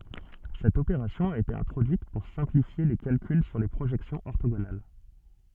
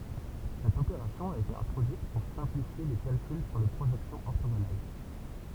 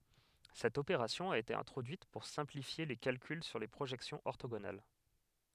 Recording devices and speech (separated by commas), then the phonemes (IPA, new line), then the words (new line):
soft in-ear microphone, temple vibration pickup, headset microphone, read sentence
sɛt opeʁasjɔ̃ a ete ɛ̃tʁodyit puʁ sɛ̃plifje le kalkyl syʁ le pʁoʒɛksjɔ̃z ɔʁtoɡonal
Cette opération a été introduite pour simplifier les calculs sur les projections orthogonales.